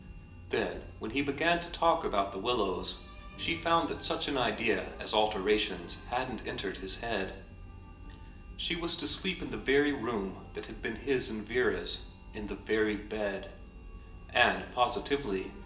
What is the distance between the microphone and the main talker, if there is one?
1.8 m.